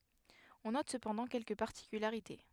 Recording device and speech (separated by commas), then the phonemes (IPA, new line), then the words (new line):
headset microphone, read sentence
ɔ̃ nɔt səpɑ̃dɑ̃ kɛlkə paʁtikylaʁite
On note cependant quelques particularités.